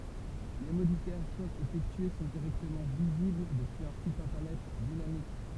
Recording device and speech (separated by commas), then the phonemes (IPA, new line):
temple vibration pickup, read sentence
le modifikasjɔ̃z efɛktye sɔ̃ diʁɛktəmɑ̃ vizibl dəpyiz œ̃ sit ɛ̃tɛʁnɛt dinamik